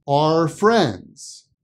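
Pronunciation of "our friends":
In 'our friends', 'our' is pronounced like the letter R, and the r sound connects to 'friends'.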